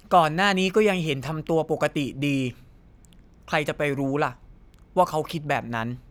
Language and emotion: Thai, frustrated